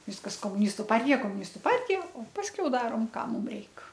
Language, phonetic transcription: Lithuanian, ˈviskas komuˈnistu ˈpartija komuˈnistu ˈpartija o ˈpaskiau ˈdarom ˈką ˈmum ˈreik

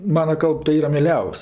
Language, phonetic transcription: Lithuanian, ˈmana ˈkalb tai ˈyra mieˈliaus'

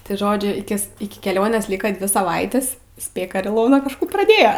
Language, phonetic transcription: Lithuanian, tai ˈžodžiu iˈkis iki keˈlionės ˈlyka ˈdvi saˈvaitis ˈspėk ar iˈlona kažˈkų praˈdėja

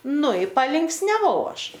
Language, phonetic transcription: Lithuanian, ˈnu i palinksniaˈvau ˈaš

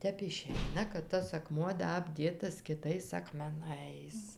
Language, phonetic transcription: Lithuanian, ˈtep iˈšeina kad ˈtas aˈkmuo ˈda abˈdėtas kiˈtais akmeˈnais

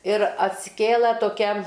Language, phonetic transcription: Lithuanian, ir atsiˈkėla toˈkia

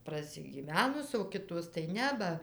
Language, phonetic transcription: Lithuanian, prasigyˈvenus o ˈkitos tai ˈne ˈba

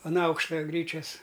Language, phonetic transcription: Lithuanian, an ˈaukšta ˈgryčias

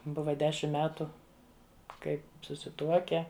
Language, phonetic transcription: Lithuanian, ˈbuva ˈdešim ˈmetu ˈkai susiˈtuoke

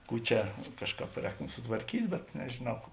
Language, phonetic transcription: Lithuanian, ˈkų čia ˈkažˌkāp ˈrēktom sutvarˈkyt' bet nežėˈnau

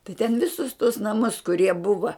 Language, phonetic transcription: Lithuanian, tai ten ˈvisus tuos naˈmus kuˈrie ˈbuva

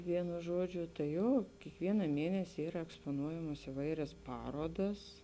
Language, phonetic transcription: Lithuanian, ˈvienu ˈžuodžiu ta ˈjo kiekˈviena ˈmėnesi ˈyra ekspoˈnuojamos iˈvairias ˈparodas

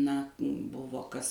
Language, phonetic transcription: Lithuanian, na ˈbuvo ˈkas

